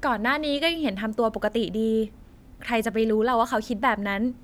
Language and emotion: Thai, neutral